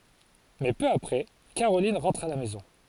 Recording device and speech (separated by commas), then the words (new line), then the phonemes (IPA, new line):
forehead accelerometer, read sentence
Mais peu après, Caroline rentre à la maison.
mɛ pø apʁɛ kaʁolin ʁɑ̃tʁ a la mɛzɔ̃